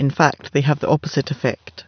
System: none